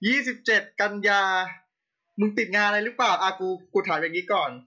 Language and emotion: Thai, angry